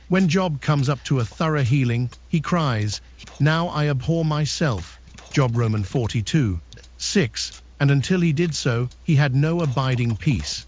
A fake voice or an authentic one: fake